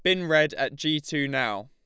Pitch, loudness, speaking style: 150 Hz, -25 LUFS, Lombard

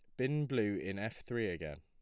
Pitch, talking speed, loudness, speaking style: 110 Hz, 225 wpm, -38 LUFS, plain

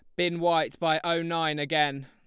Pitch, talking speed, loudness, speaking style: 160 Hz, 195 wpm, -27 LUFS, Lombard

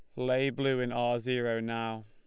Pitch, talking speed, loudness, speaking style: 120 Hz, 195 wpm, -31 LUFS, Lombard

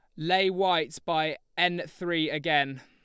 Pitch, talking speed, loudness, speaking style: 170 Hz, 135 wpm, -27 LUFS, Lombard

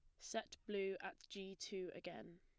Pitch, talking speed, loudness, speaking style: 195 Hz, 165 wpm, -48 LUFS, plain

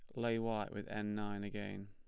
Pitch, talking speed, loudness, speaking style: 105 Hz, 215 wpm, -41 LUFS, plain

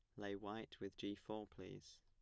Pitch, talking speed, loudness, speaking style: 100 Hz, 200 wpm, -51 LUFS, plain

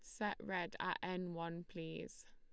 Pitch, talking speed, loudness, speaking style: 180 Hz, 170 wpm, -44 LUFS, Lombard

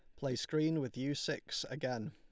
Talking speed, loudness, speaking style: 190 wpm, -38 LUFS, Lombard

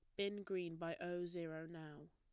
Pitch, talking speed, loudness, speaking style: 175 Hz, 190 wpm, -46 LUFS, plain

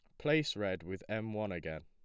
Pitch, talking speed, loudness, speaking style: 100 Hz, 220 wpm, -37 LUFS, plain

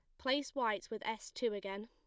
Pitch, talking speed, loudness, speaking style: 220 Hz, 215 wpm, -38 LUFS, plain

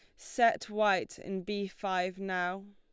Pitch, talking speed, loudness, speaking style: 195 Hz, 145 wpm, -32 LUFS, Lombard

